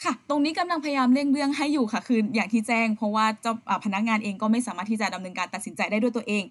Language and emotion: Thai, frustrated